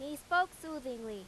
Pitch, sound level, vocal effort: 295 Hz, 95 dB SPL, very loud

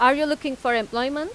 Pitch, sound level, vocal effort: 260 Hz, 96 dB SPL, very loud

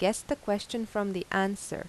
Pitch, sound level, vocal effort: 205 Hz, 85 dB SPL, normal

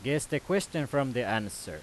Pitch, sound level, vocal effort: 140 Hz, 92 dB SPL, very loud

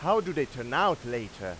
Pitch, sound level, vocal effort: 120 Hz, 98 dB SPL, very loud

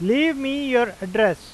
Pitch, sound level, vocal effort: 240 Hz, 94 dB SPL, loud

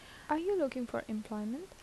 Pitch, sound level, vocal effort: 260 Hz, 78 dB SPL, soft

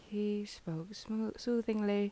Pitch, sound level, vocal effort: 210 Hz, 77 dB SPL, soft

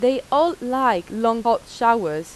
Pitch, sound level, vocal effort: 235 Hz, 89 dB SPL, loud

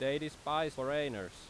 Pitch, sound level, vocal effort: 140 Hz, 92 dB SPL, very loud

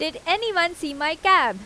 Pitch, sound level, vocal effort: 335 Hz, 93 dB SPL, loud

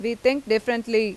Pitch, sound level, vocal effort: 230 Hz, 91 dB SPL, loud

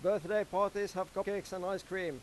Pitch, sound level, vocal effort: 195 Hz, 97 dB SPL, loud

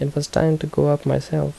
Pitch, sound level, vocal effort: 145 Hz, 75 dB SPL, soft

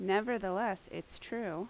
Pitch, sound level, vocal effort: 195 Hz, 82 dB SPL, loud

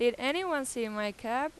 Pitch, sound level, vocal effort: 250 Hz, 92 dB SPL, loud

